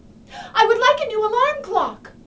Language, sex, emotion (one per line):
English
female
angry